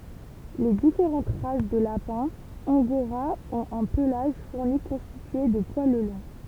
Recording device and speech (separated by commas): temple vibration pickup, read sentence